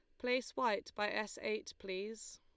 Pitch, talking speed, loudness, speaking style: 215 Hz, 165 wpm, -39 LUFS, Lombard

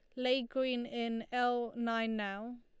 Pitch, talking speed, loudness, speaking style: 240 Hz, 150 wpm, -35 LUFS, Lombard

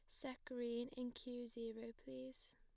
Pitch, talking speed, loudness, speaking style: 240 Hz, 155 wpm, -49 LUFS, plain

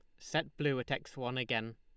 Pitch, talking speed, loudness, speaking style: 125 Hz, 230 wpm, -36 LUFS, Lombard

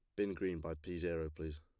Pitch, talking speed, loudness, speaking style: 85 Hz, 255 wpm, -41 LUFS, plain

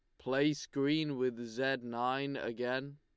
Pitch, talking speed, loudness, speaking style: 135 Hz, 130 wpm, -35 LUFS, Lombard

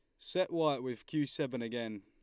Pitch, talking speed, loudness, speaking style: 140 Hz, 200 wpm, -36 LUFS, Lombard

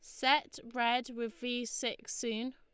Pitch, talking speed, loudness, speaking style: 245 Hz, 155 wpm, -34 LUFS, Lombard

